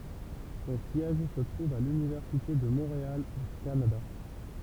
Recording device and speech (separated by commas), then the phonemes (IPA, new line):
temple vibration pickup, read sentence
sɔ̃ sjɛʒ sə tʁuv a lynivɛʁsite də mɔ̃ʁeal o kanada